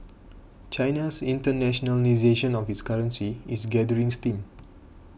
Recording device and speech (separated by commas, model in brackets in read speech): boundary microphone (BM630), read sentence